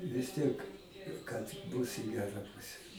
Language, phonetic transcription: Lithuanian, vis ˈtiek kad ˈbus i ˈgera ˈpuse

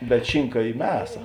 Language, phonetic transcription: Lithuanian, bet ˈšinka ˈy ˈmesa

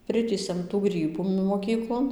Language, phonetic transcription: Lithuanian, ˈpritįsiam tų ˈgrybų moˈkyklon

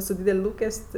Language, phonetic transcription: Lithuanian, su ˈdydel' ˈlūkes't'

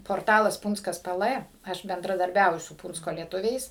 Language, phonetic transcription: Lithuanian, porˈtalas ˈpūnckas ˈpɘ ˈlɘ ˈaš bendradarˈbiauju su ˈpūncko lieˈtuviais

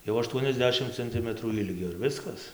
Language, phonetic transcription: Lithuanian, jau aˈštuoniasˌdešim canˈtimətrų ˈilgio ir ˈviskas

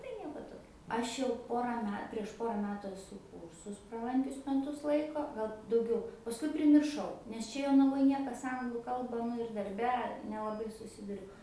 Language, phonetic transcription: Lithuanian, tai ˈnieko ˈtokio ˈaš jau ˈpora ˈme prieš ˈpora ˈmetu eˈsu ˈkūrsus praˈlankius meˈtus ˈlaiko ˈgal dauˈgiau pasˈkui primirˈšau nes ˈčia jonaˈvoj ˈniekas ˈanglų ˈkalba nu ir darˈbe nelaˈbai suˈsiduriu

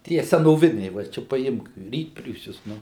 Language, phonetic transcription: Lithuanian, ˈtie senoˈviniai va ˈčia paˈimk ˈrytpriūsius ˈnu

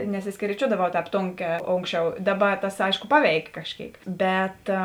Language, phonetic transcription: Lithuanian, nesiskeryˈčiuodavau ˈtēp ˈtonˌkē ˈonkˌsčiau ˈdaˌba tas ˈaiško ˈpaˌveikė kažˈkėik ˈbet

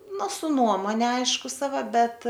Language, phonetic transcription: Lithuanian, ˈnu su ˈnuomone ˈaišku saˈva ˈbet

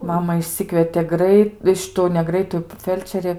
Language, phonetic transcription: Lithuanian, ˈmama išˈsikvietė ˈgrait ˈšitu ne ˈgraitu ˈfelčerė

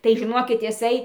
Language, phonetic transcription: Lithuanian, tai žiˈnokit iˈsai

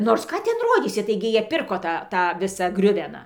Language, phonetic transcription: Lithuanian, ˈnors ˈką ˈten ˈrodysi ˈtaigi ˈjie ˈpirko ˈtą ˈtą ˈvisą ˈgriuveną

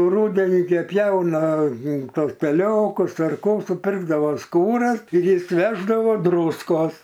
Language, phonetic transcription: Lithuanian, ˈrūdenį gi ˈpjauna ˈtos teˈliokus ar ˈkų suˈpirkdavo ˈskūras ir ˈjis ˈveždavo ˈdrūskos

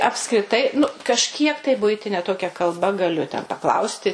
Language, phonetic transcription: Lithuanian, apskriˈtai nu kažˈkiek tai ˈbuitine ˈtokia kalˈba gaˈliu ten paˈklausti

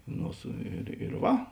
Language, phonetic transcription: Lithuanian, ˈno su ir ir ˈva

